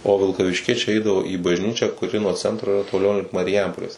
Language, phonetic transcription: Lithuanian, o vilkavišˈkiečiai ˈeidavo į bažˈnyčią kuˈri nuo ˈcentro iˈra toˈliau link mariˈjampolės

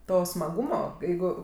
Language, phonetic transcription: Lithuanian, ˈto smaˈgūmo ˈjeigu

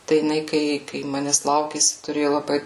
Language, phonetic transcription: Lithuanian, tai jiˈnai ˈkai kai ˈmanes ˈlaukėsi tuˈrėju laˈbai

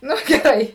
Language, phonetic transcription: Lithuanian, ˈnu geˈrai

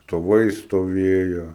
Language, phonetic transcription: Lithuanian, stoˈvai stoˈvėjo

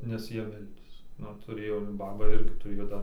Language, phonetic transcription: Lithuanian, nes ˈjie ˈmeldės ˈnu tuˈrėjo ˈbaba ˈirgi tuˈrėjo ˈdar

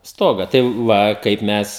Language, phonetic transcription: Lithuanian, ˈstoga tai ˈva ˈkaip ˈmes

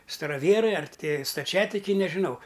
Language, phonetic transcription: Lithuanian, staraˈvierai ar ˈti staˈčiatikiai nežiˈnau

